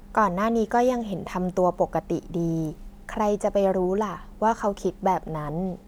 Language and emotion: Thai, neutral